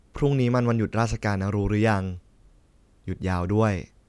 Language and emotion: Thai, neutral